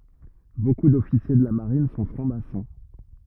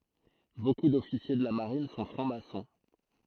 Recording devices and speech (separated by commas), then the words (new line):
rigid in-ear microphone, throat microphone, read sentence
Beaucoup d'officiers de la Marine sont francs-maçons.